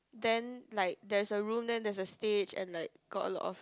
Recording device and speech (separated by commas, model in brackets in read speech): close-talking microphone, conversation in the same room